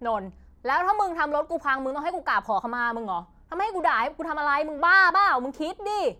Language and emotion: Thai, angry